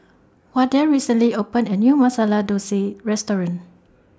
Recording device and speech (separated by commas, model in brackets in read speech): standing microphone (AKG C214), read sentence